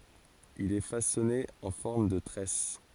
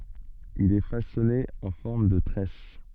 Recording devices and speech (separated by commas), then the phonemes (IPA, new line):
forehead accelerometer, soft in-ear microphone, read sentence
il ɛ fasɔne ɑ̃ fɔʁm də tʁɛs